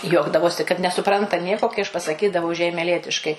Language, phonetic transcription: Lithuanian, ˈjuokdavosi kad nesuˈpranta ˈnieko kai aš pasaˈkydavau žeimeˈlietiškai

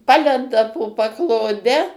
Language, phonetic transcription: Lithuanian, ˈpalenda po pakloˈde

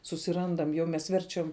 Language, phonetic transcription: Lithuanian, susiˈrandam jau mes ˈverčiam

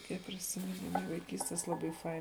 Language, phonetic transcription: Lithuanian, ˈkiek prisimiˈnimu vaiˈkystes ˈlabai ˈfain

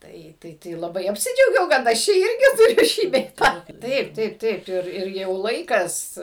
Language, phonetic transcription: Lithuanian, ˈtai ˈtai tai laˈbai apsiˈdžiaugiau kad ˈaš ˈčia ˈirgi tuˈriu ˈšį bei ˈtą ˈtaip ˈtaip ˈtaip ˈir ir ˈjau ˈlaikas

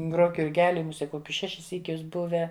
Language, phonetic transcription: Lithuanian, ˈgrok jurˈgeli muˈsie ˈkokius ˈšešis ˈsykius ˈbuvę

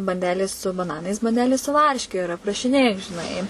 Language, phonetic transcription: Lithuanian, banˈdelės su baˈnanais banˈdelės su ˈvarške ir aprašiˈnėju žiˈnai

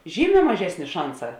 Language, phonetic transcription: Lithuanian, ˈžyˌmē maˈžesnė ˈšanˌsā

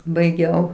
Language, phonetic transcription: Lithuanian, baiˈgiau

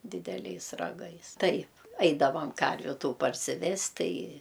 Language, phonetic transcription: Lithuanian, dideˈliais raˈgais ˈtaip ˈaidavam ˈkarviu ˈtų parsiˈvest ˈtai

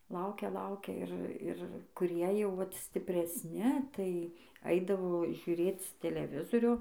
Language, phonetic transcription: Lithuanian, ˈlaukia ˈlaukia ˈir ˈir kuˈrie jau ˈvat stipresˈni tai ˈaidavo žiuˈrėc teleˈvizorio

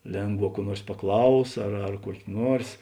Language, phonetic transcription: Lithuanian, ˈlėnˌgvā kuo ˈnuors paˈklaus ar ar kuok' ˈnuors

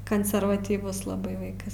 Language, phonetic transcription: Lithuanian, kanservatyˈvus laˈbai ˈvaikas

